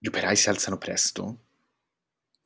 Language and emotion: Italian, surprised